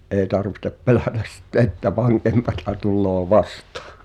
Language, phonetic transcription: Finnish, ’ee tarvihtep "pelä̀täs sⁱtte että 'vaŋkempata tulloo "vastᴀᴀ « .
- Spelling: ei tarvitse pelätä sitten että vankempaa tulee vastaan

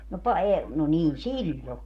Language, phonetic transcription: Finnish, no 'pa - e- , no 'niin "siĺĺo .
- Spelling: no - - no niin silloin

